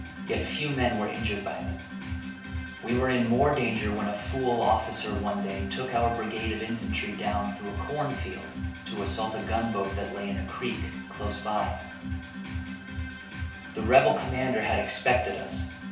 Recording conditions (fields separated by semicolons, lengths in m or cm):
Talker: one person; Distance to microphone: 3.0 m; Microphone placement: far; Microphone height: 1.8 m; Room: small (3.7 m by 2.7 m); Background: music